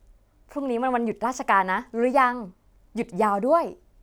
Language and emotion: Thai, happy